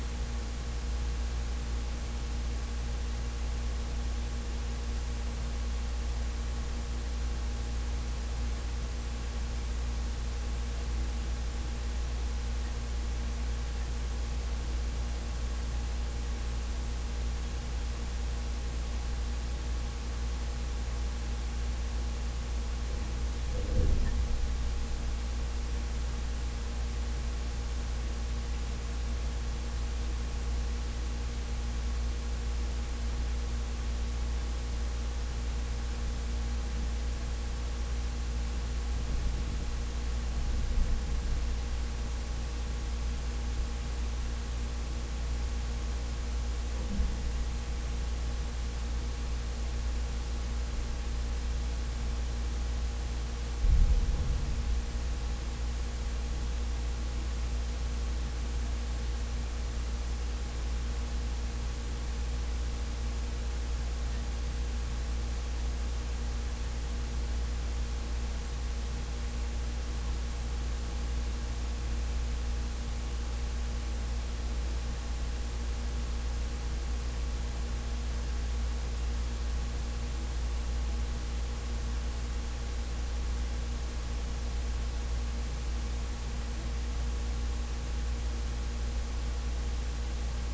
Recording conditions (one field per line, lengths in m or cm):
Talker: no one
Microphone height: 1.1 m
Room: very reverberant, large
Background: none